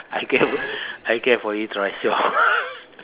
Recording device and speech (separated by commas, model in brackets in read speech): telephone, conversation in separate rooms